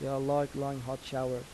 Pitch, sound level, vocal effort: 135 Hz, 84 dB SPL, soft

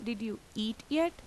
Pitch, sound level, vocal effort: 230 Hz, 85 dB SPL, normal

